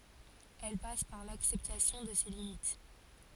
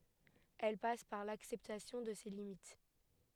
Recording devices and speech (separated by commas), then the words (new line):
forehead accelerometer, headset microphone, read sentence
Elle passe par l'acceptation de ses limites.